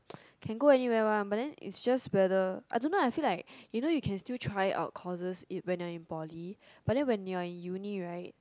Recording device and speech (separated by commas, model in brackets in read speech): close-talking microphone, conversation in the same room